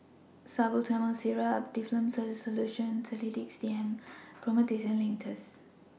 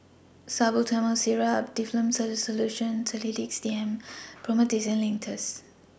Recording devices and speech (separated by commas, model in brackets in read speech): mobile phone (iPhone 6), boundary microphone (BM630), read sentence